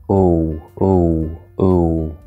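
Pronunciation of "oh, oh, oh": The 'oh' sounds here are pronounced incorrectly.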